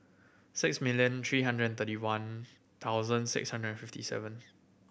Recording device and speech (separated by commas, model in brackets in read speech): boundary microphone (BM630), read sentence